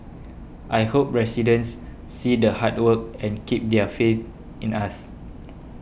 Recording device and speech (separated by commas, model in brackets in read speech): boundary microphone (BM630), read sentence